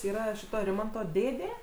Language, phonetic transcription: Lithuanian, ˈyra ˈšito ˈrimanto ˈdėdė

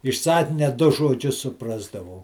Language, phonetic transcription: Lithuanian, iš ˈsakinia ˈdu žoˈdžius suˈprasdavau

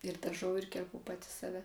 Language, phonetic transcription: Lithuanian, ir daˈžau ir kerˈpu ˈpati saˈve

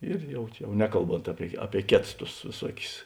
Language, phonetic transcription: Lithuanian, ir ˈjau čia jau ˈnekalˌbont ˈapie ˈapie ˈkėts tus vėˈsuokius

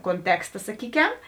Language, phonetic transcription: Lithuanian, konˈteksta saˈkykem

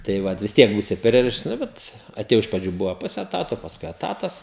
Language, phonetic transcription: Lithuanian, tai ˈvat vis ˈtiek ˈbūsi ˈpririšts ˈnu bet atėˈjau iš praˈdžių ˈbuvo ˈpuse eˈtato pasˈkui eˈtatas

